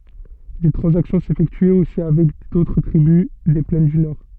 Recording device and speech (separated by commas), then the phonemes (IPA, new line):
soft in-ear microphone, read sentence
de tʁɑ̃zaksjɔ̃ sefɛktyɛt osi avɛk dotʁ tʁibys de plɛn dy nɔʁ